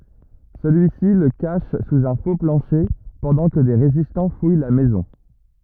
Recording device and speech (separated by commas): rigid in-ear microphone, read sentence